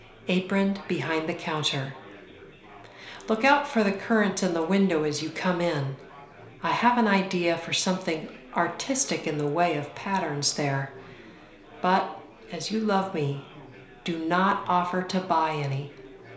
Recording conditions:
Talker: one person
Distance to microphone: 1.0 m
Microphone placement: close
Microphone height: 1.1 m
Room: small (3.7 m by 2.7 m)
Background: babble

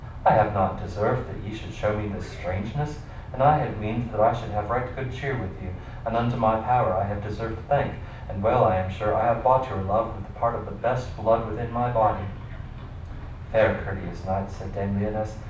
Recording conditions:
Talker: one person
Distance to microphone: 5.8 m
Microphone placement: far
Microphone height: 1.8 m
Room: medium-sized (5.7 m by 4.0 m)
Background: television

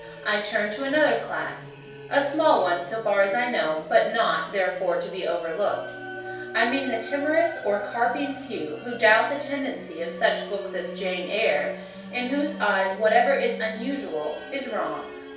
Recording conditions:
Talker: one person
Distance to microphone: 3.0 m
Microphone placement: far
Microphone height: 1.8 m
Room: small (3.7 m by 2.7 m)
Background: music

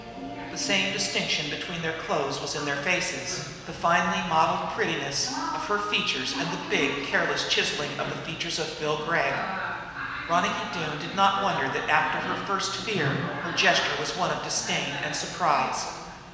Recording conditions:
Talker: one person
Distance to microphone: 1.7 m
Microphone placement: close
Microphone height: 1.0 m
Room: very reverberant, large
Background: television

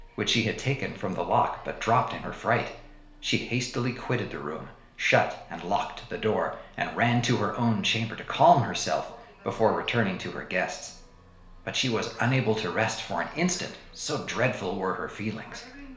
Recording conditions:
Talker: one person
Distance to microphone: 1.0 m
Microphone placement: close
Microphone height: 1.1 m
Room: small (3.7 m by 2.7 m)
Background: television

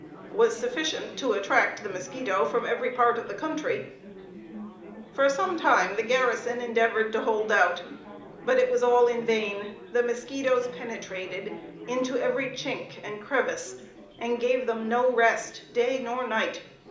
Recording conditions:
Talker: one person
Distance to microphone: 2.0 m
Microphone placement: close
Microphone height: 99 cm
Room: medium-sized (5.7 m by 4.0 m)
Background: babble

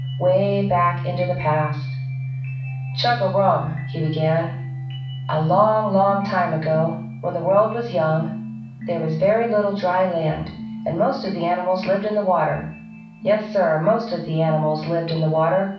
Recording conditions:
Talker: one person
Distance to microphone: 5.8 m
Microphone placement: far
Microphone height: 1.8 m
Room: medium-sized (5.7 m by 4.0 m)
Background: music

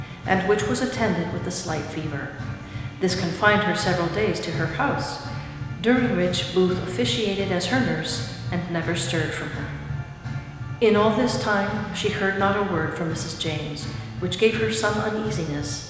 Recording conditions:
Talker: one person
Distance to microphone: 1.7 m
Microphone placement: close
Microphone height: 1.0 m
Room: very reverberant, large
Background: music

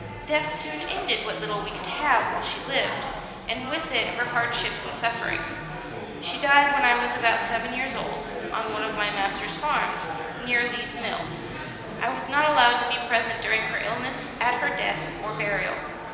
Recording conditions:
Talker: one person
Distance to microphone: 1.7 m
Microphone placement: close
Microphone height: 1.0 m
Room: very reverberant, large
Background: babble

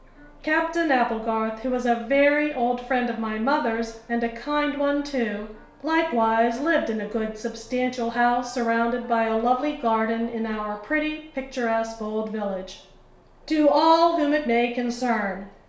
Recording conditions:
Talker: one person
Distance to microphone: 1.0 m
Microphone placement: close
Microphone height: 1.1 m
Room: small (3.7 m by 2.7 m)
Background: television

